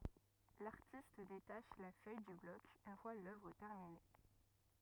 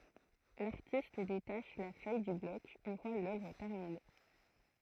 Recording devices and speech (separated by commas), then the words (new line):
rigid in-ear microphone, throat microphone, read sentence
L'artiste détache la feuille du bloc une fois l'œuvre terminée.